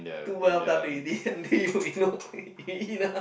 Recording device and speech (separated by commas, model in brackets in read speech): boundary microphone, conversation in the same room